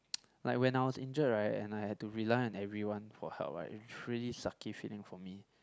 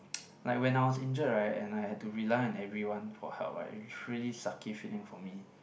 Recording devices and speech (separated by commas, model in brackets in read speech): close-talking microphone, boundary microphone, conversation in the same room